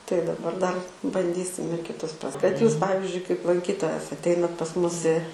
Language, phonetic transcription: Lithuanian, tai daˈbar dar banˈdysim ir kiˈtus pras kad jūs ˈpavizdžiui kaip lanˈkytojas atˈeinat pas ˈmus i

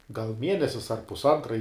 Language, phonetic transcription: Lithuanian, gal ˈmienesis ar pusˈantra i

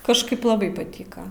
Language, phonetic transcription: Lithuanian, kažˈkaip laˈbai paˈtyka

